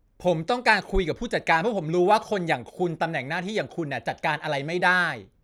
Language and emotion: Thai, angry